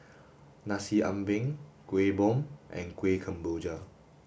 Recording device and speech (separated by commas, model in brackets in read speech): boundary microphone (BM630), read sentence